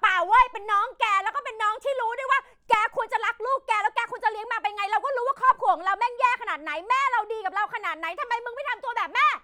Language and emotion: Thai, angry